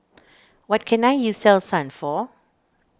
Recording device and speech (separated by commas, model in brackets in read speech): standing microphone (AKG C214), read sentence